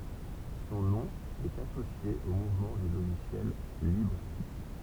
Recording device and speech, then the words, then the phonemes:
temple vibration pickup, read sentence
Son nom est associé au mouvement du logiciel libre.
sɔ̃ nɔ̃ ɛt asosje o muvmɑ̃ dy loʒisjɛl libʁ

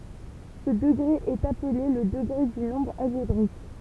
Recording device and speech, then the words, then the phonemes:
temple vibration pickup, read sentence
Ce degré est appelé le degré du nombre algébrique.
sə dəɡʁe ɛt aple lə dəɡʁe dy nɔ̃bʁ alʒebʁik

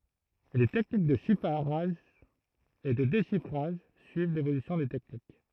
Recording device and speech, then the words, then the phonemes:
throat microphone, read sentence
Les techniques de chiffrage et de déchiffrage suivent l'évolution des techniques.
le tɛknik də ʃifʁaʒ e də deʃifʁaʒ syiv levolysjɔ̃ de tɛknik

